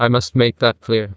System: TTS, neural waveform model